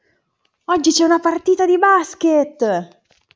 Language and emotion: Italian, happy